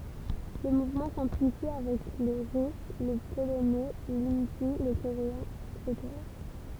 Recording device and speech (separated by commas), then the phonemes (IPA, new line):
temple vibration pickup, read sentence
lə muvmɑ̃ sɑ̃plifi avɛk lə ʁys lə polonɛ lindi lə koʁeɛ̃ ɛtseteʁa